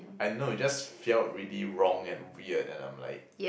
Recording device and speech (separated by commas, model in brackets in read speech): boundary microphone, conversation in the same room